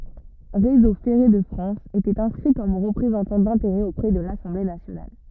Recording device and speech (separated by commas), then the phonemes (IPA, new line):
rigid in-ear microphone, read sentence
ʁezo fɛʁe də fʁɑ̃s etɛt ɛ̃skʁi kɔm ʁəpʁezɑ̃tɑ̃ dɛ̃teʁɛz opʁɛ də lasɑ̃ble nasjonal